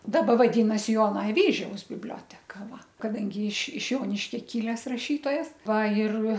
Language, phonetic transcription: Lithuanian, ˈdaba vaˈdynasi ˈjona aˈvyžiaus bibˈlioteka ˈva kaˈdangi iš iš ˈjoniškia ˈkiles raˈšytojas ˈva ir

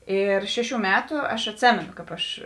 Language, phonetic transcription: Lithuanian, ˈir ˈšeˌšių ˈmetų ˈaš atˈsėmeno kāp ˈaš

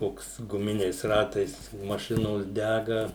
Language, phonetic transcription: Lithuanian, ˈkoks guˈminiais ˈratais maˈšinos ˈdæga

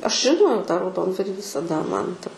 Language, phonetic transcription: Lithuanian, ˈaš žiˈnojau tą rauˈdondvarį visaˈda kad visaˈda ˈman ta

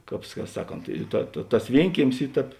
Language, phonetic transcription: Lithuanian, ˈkāp ˈsaˌkont ˈta ta tas ˈvienkiemis ˈy ˈtēp

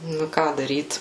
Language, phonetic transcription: Lithuanian, ˈnu i ˈką daryt

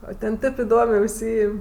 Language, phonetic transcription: Lithuanian, o ten ˈtėp iˈdomė užˈsyim'

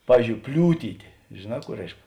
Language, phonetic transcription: Lithuanian, ˈpavyzdžiou ˈpliūtytė žėˈnā ˈkų ˈreišk

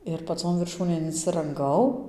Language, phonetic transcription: Lithuanian, ir paˈcon virˈšūnėn insiranˈgau

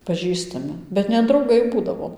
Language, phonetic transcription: Lithuanian, paˈžįstami bet ne drauˈgai ˈbūdavo

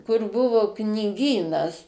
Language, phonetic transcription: Lithuanian, kur ˈbuvu kniˈgynas

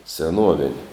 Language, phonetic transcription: Lithuanian, seˈnuovin'

